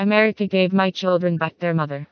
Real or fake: fake